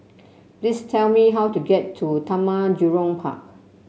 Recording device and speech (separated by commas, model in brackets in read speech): mobile phone (Samsung C7), read sentence